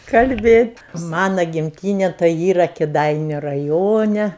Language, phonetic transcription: Lithuanian, kalˈbėt' ˈmana gimˈtyne tai ˈyra kiˈdainiu raˈjone

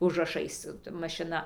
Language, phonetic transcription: Lithuanian, užraˈšais mašiˈna

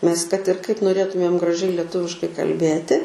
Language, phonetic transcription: Lithuanian, nes kad ir kaip noˈrėtumėm graˈžiai leˈtuviškai kal'ˈbėti

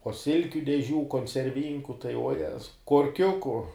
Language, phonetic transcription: Lithuanian, uo ˈsilkiu deˈžių koncerˈvynku tai uoˈjezau korˈkiuku

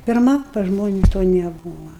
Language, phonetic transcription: Lithuanian, pirˈma pas ˈžmonis to neˈbūva

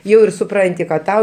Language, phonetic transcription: Lithuanian, ˈjau ir suˈpranti kad ˈtau

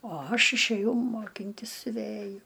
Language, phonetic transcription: Lithuanian, o ˈaš išæˈjau moˈkintis siuˈvæju

